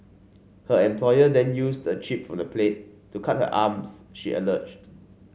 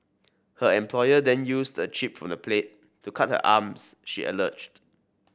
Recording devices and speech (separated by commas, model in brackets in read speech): mobile phone (Samsung C5), boundary microphone (BM630), read sentence